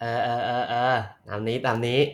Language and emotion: Thai, neutral